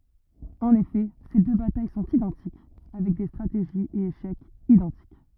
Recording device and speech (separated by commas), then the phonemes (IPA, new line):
rigid in-ear microphone, read sentence
ɑ̃n efɛ se dø bataj sɔ̃t idɑ̃tik avɛk de stʁateʒiz e eʃɛkz idɑ̃tik